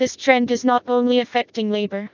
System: TTS, vocoder